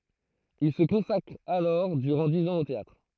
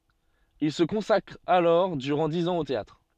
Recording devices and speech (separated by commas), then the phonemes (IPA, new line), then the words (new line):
throat microphone, soft in-ear microphone, read sentence
il sə kɔ̃sakʁ alɔʁ dyʁɑ̃ diz ɑ̃z o teatʁ
Il se consacre alors durant dix ans au théâtre.